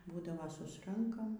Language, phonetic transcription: Lithuanian, ˈbūdavo ˈsusrankam

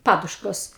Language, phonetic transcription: Lithuanian, ˈpaduškos

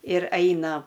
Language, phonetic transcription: Lithuanian, ir ˈaina

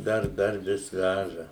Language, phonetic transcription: Lithuanian, ˈdar ˈdar ˈvis ˈvæža

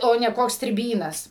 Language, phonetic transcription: Lithuanian, ˈo ne ˈkoks striˈbynas

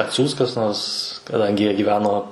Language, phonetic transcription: Lithuanian, atˈsiųs kas ˈnors kaˈdangi ˈjie gyˈveno

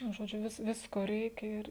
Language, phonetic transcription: Lithuanian, nu ˈžodžiu ˈvis ˈvisko ˈreikia ˈir

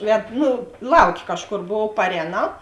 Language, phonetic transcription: Lithuanian, ˈved ˈnu ˈlauˌkė ˈkažˌkor ˈbuvuov paˈrēnau

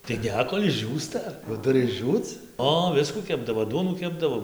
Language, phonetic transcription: Lithuanian, tai ˈne ˈkol' išˈdžiūsta jau ˈturi išˈdžiūc ˈo ˈviskų ˈkepdavo ˈduonų ˈkepdavo

